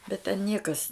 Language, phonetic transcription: Lithuanian, bet ten ˈniekas

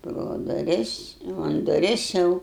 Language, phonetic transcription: Lithuanian, pro duˈris jau an duˈris ˈjau

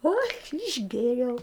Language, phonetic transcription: Lithuanian, o aš išˈgėriau

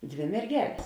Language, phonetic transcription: Lithuanian, ˈdvė merˈgelės

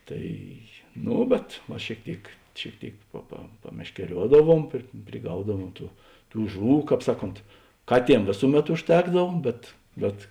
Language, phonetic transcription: Lithuanian, ˈtai ˈno bet va šėik ˈtėik šėik ˈtėik pa pa pameškeˈriuodaˌvuom pri priˈgaudavuom ˈtų ˈtų ˈžuˌvų ˈkāp ˈsaˌkont ˈkaˌtiem ˈvėsuˌmet užˈtekdav bet ˈbet

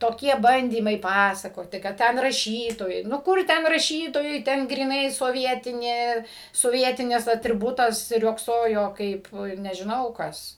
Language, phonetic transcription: Lithuanian, toˈkie ˈbandymai ˈpasakoti kad ˈten raˈšytojai nu ˈkur ˈten raˈšytojai ˈten gryˈnai soˈvietinė soˈvietinis atriˈbutas ˈriogsojo ˈkaip nežiˈnau ˈkas

